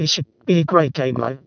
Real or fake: fake